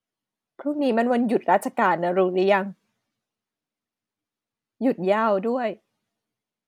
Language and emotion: Thai, sad